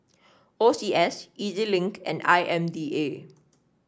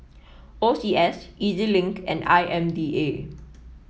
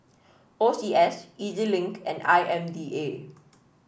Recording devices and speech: standing microphone (AKG C214), mobile phone (iPhone 7), boundary microphone (BM630), read sentence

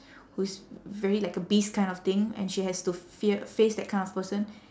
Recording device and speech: standing microphone, conversation in separate rooms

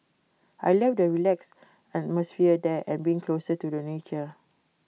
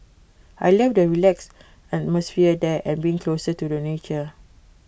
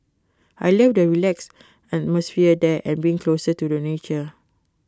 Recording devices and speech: mobile phone (iPhone 6), boundary microphone (BM630), close-talking microphone (WH20), read sentence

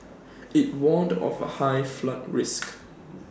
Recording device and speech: standing microphone (AKG C214), read sentence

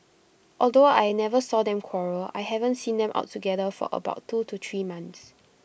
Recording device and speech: boundary microphone (BM630), read sentence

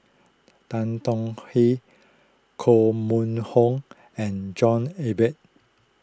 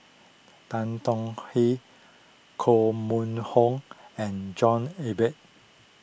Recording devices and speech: close-talking microphone (WH20), boundary microphone (BM630), read sentence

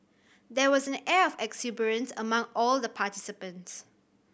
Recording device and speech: boundary microphone (BM630), read sentence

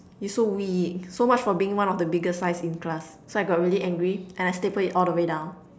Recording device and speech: standing microphone, conversation in separate rooms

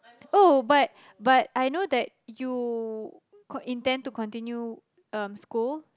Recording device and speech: close-talking microphone, conversation in the same room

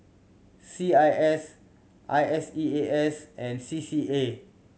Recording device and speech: mobile phone (Samsung C7100), read sentence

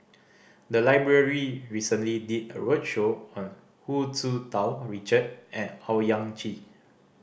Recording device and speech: boundary microphone (BM630), read sentence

